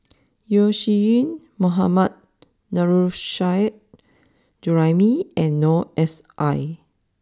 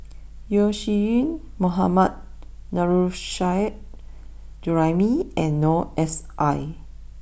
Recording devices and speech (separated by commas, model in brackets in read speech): standing microphone (AKG C214), boundary microphone (BM630), read sentence